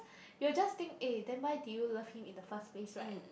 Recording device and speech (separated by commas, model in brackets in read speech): boundary microphone, conversation in the same room